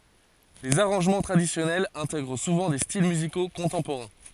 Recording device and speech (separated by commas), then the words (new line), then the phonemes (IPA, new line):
forehead accelerometer, read sentence
Les arrangements traditionnels intègrent souvent des styles musicaux contemporains.
lez aʁɑ̃ʒmɑ̃ tʁadisjɔnɛlz ɛ̃tɛɡʁ suvɑ̃ de stil myziko kɔ̃tɑ̃poʁɛ̃